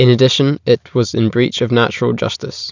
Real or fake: real